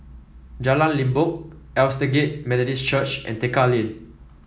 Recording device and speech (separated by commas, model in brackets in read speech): mobile phone (iPhone 7), read sentence